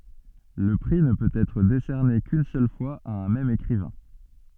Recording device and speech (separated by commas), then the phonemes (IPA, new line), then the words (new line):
soft in-ear microphone, read sentence
lə pʁi nə pøt ɛtʁ desɛʁne kyn sœl fwaz a œ̃ mɛm ekʁivɛ̃
Le prix ne peut être décerné qu'une seule fois à un même écrivain.